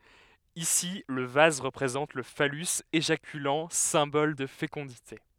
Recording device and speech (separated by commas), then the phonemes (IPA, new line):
headset microphone, read sentence
isi lə vaz ʁəpʁezɑ̃t lə falys eʒakylɑ̃ sɛ̃bɔl də fekɔ̃dite